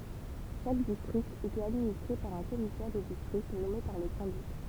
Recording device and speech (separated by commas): temple vibration pickup, read sentence